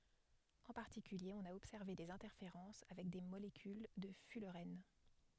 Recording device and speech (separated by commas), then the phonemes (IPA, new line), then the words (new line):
headset microphone, read sentence
ɑ̃ paʁtikylje ɔ̃n a ɔbsɛʁve dez ɛ̃tɛʁfeʁɑ̃s avɛk de molekyl də fylʁɛn
En particulier, on a observé des interférences avec des molécules de fullerène.